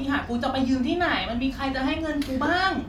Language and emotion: Thai, frustrated